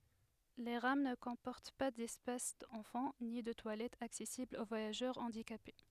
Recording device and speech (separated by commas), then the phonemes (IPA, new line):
headset microphone, read sentence
le ʁam nə kɔ̃pɔʁt pa dɛspas ɑ̃fɑ̃ ni də twalɛtz aksɛsiblz o vwajaʒœʁ ɑ̃dikape